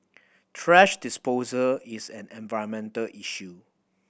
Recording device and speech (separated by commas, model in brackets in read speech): boundary microphone (BM630), read sentence